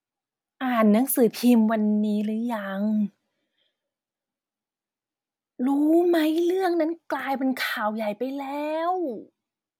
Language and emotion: Thai, frustrated